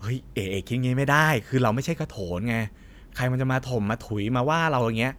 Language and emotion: Thai, frustrated